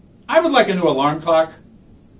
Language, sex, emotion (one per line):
English
male
disgusted